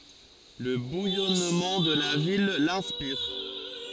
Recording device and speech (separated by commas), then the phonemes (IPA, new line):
forehead accelerometer, read sentence
lə bujɔnmɑ̃ də la vil lɛ̃spiʁ